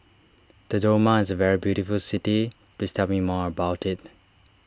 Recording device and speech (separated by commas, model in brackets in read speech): standing microphone (AKG C214), read sentence